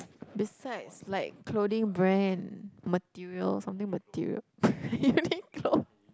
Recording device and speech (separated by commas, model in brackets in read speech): close-talking microphone, conversation in the same room